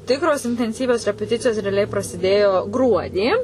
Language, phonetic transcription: Lithuanian, ˈtikros intenˈsyvios repeˈticijos reaˈliai prasiˈdėjo ˈgruodį

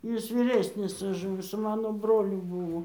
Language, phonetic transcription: Lithuanian, ˈjis vyˈresnis už ˈmus su ˈmano ˈbroliu ˈbūvo

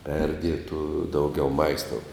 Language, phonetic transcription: Lithuanian, ˈperdietų ˈdaugiau ˈmaistou

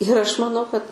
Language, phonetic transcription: Lithuanian, ir ˈaš maˈnau kad

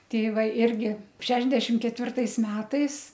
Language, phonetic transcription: Lithuanian, ˈtei ˈva ˈirgi ˈšešdešim ketˈvirtais ˈmetais

